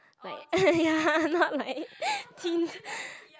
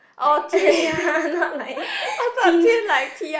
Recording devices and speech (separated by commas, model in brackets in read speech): close-talking microphone, boundary microphone, conversation in the same room